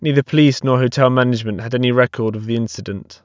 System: none